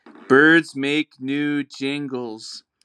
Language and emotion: English, neutral